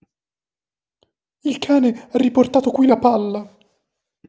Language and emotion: Italian, fearful